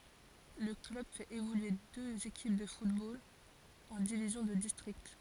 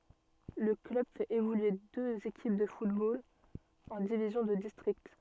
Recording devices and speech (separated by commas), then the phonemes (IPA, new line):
forehead accelerometer, soft in-ear microphone, read sentence
lə klœb fɛt evolye døz ekip də futbol ɑ̃ divizjɔ̃ də distʁikt